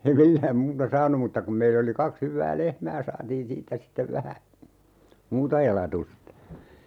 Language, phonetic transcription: Finnish, ei "millääm 'muuta "saanu mutta kum 'meill ‿oli 'kaks 'hyvvää "lehmää 'saatiin "siittä 'sittev 'vähä , "muuta 'elatusta .
- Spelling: ei millään muuta saanut mutta kun meillä oli kaksi hyvää lehmää saatiin siitä sitten vähän muuta elatusta

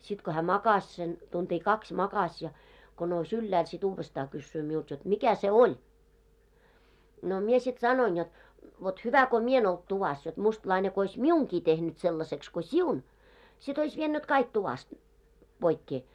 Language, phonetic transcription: Finnish, sit ko hää 'makas sen , tunt́ii "kakś 'makaś ja , ko nou's ‿yllääl si't ‿uuvvestaa kyssyy miult jot , » 'mikä se "oĺ? « no mie sit 'sanoin jot , » vot 'hyvä ko "mie en ‿olt 'tuvas , jot 'mustlaine ko ois "miuŋki tehnyt 'sellaseks ko "siun , sit ‿ois 'viennyt "kaik tuvast , 'ʙoikkee « .
- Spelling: sitten kun hän makasi sen tuntia kaksi makasi ja kun nousi ylhäälle sitten uudestaan kysyy minulta jotta mikä se oli no minä sitten sanoin jotta vot hyvä kun minä en ollut tuvassa jotta mustalainen kun olisi minunkin tehnyt sellaiseksi kun sinun sitten olisi vienyt kaikki tuvasta poikkeen

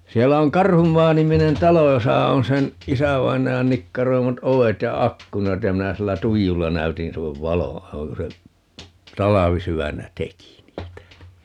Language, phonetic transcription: Finnish, 'siellä oŋ "Karhummaa 'niminen "talo 'josa 'on 'sen , "isävainajan 'nikkaroimat "ovet ja "akkunat ja 'minä 'sillä "tuijulla 'näytin 'sillev "valo₍a (noiŋ) 'kun se , "talavisy₍ännä "teki niitä (ni) .
- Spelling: siellä on - Karhunmaa-niminen talo jossa on sen isävainajan nikkaroimat ovet ja ikkunat ja minä sillä tuijulla näytin sille valoa noin kun se talvisydämenä teki niitä -

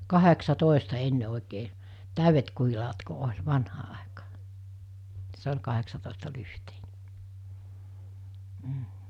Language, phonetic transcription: Finnish, 'kaheksa'tòesta 'enne 'òikee , 'tä̀yvet kuhilaat ko oĺ , 'vanhaa àekaa , 'se ol̜ kaheksatòestalyhtᴇɪɴᴇ , m̥ .
- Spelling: kahdeksantoista ennen oikein täydet kuhilaat kun oli vanhaa aikaa se oli kahdeksantoistalyhteinen mm

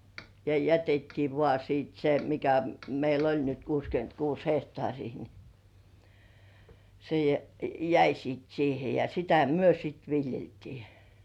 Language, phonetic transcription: Finnish, ja "jätettii vŏà 'sìt se mikä "meil ‿oĺ nyt 'kuuskyönt"kuus "hehtŏàŕii ni , se jä- "jäi siit 'siihe ja sitä "myö sit 'viljeltii .
- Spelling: ja jätettiin vain sitten se mikä meillä oli nyt kuusikymmentäkuusi hehtaaria niin se - jäi sitten siihen ja sitä me sitten viljeltiin

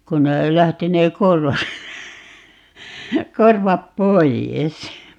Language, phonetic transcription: Finnish, 'kun ne 'lähti ne "korvat , 'korvap "poijes .
- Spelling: kun ne lähti ne korvat korvat pois

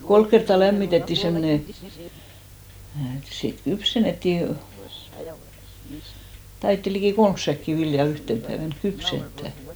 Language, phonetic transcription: Finnish, 'kolk kertta 'lämmitetti 'semmone , (eᵐ mä tiär) , 'sit "kypsenettì , 'taitti likì "kolms säkki 'vilja "yhten päevänk 'kypsenttä̀ .
- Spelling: kolme kertaa lämmitettiin semmoinen en minä tiedä sitten kypsennettiin taidettiin liki kolme säkkiä viljaa yhtenä päivänä kypsentää

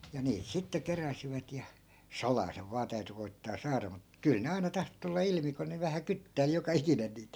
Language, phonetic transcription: Finnish, ja 'niit sitte 'keräsivät ja , "salaa 'sev vaa 'täyty koi̮ttaa 'saara mut , 'kyl ne 'aina 'tahto tulla 'ilmi ku ne vähä "kyttäi̮l joka 'ikinen niit .
- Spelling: ja niitä sitten keräsivät ja salaa sen vain täytyi koettaa saada mutta kyllä ne aina tahtoi tulla ilmi kun ne vähän kyttäili joka ikinen niitä

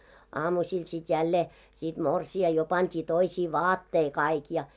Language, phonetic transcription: Finnish, 'aamuśil sit 'jällee , sit 'morsi₍a jo 'pant́ii toisii "vaattei 'kaik ja .
- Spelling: aamusilla sitten jälleen sitten morsian jo pantiin toisiin vaatteisiin kaikki ja

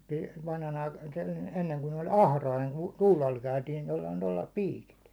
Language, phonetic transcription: Finnish, mut vanhanaika- , enneŋ kun ‿oĺ "ahrain , (ku) 'tuulal käytiin tollᴀɪ tollᴀɪ 'piikit .
- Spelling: mutta - ennen kun oli atrain kun tuulaalla käytiin tuolla lailla tuolla lailla piikit

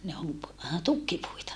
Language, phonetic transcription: Finnish, ne om , tukkipuita .
- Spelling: ne on tukkipuita

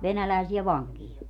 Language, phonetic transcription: Finnish, "venälä̀esiä "vaŋkija .
- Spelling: venäläisiä vankeja

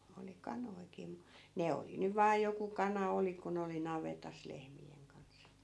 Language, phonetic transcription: Finnish, oli 'kanoi̮ki mu , 'ne oli 'nyv vaa 'joku 'kana 'oli kun ‿oli 'navetas 'lehmi₍en kans .
- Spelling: oli kanojakin mutta ne oli nyt vain joku kana oli kun oli navetassa lehmien kanssa

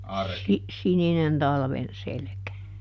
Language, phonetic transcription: Finnish, si- , ˈsininen ˈtalven "selᵉkä .
- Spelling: - sininen talven selkä

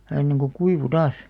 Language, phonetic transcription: Finnish, ʲᵃ 'ɐ̤nneŋ ku "kuivu "taas .
- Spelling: ja ennen kuin kuivui taas

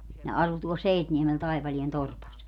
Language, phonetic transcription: Finnish, ne 'asu tuol "Seitniemel 'Taipalien 'torpas .
- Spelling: ne asui tuolla Seitniemellä Taipaleen torpassa

